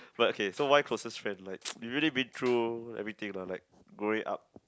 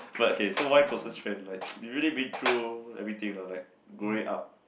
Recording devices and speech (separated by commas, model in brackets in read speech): close-talking microphone, boundary microphone, conversation in the same room